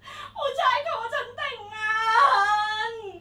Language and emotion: Thai, happy